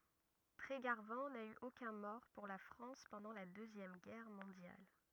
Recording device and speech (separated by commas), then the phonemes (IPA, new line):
rigid in-ear microphone, read sentence
tʁeɡaʁvɑ̃ na y okœ̃ mɔʁ puʁ la fʁɑ̃s pɑ̃dɑ̃ la døzjɛm ɡɛʁ mɔ̃djal